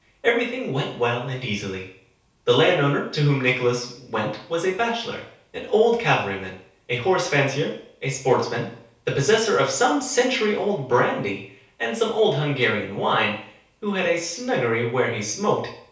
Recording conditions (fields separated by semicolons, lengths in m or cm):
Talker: one person; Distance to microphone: 3.0 m; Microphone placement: far; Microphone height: 1.8 m; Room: small (3.7 m by 2.7 m); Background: none